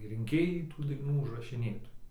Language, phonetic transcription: Lithuanian, rinˈkėjai tų daiˈnų užrašiˈnėtojai

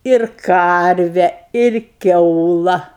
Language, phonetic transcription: Lithuanian, ir ˈkarve ir ˈkiaula

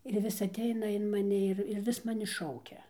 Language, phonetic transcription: Lithuanian, ir ˈvis aˈteina in maˈni ir ir ˈvis maˈni ˈšaukia

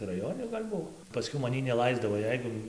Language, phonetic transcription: Lithuanian, raˈjoni gal' ˈbuo paˈskiau maˈnį neˈlaisdavo ˈjeigu

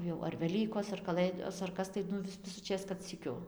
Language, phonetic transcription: Lithuanian, jau ar veˈlykos ar kaˈlɘdos ar ˈkas tai ˈnu vis tai visuˈčės kad syˈkiu

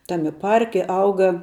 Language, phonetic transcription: Lithuanian, ˈtami ˈparki ˈauga

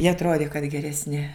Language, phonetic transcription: Lithuanian, jie atˈrodi kad geresˈni

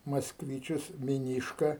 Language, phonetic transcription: Lithuanian, maskˈvyčius miˈnyška

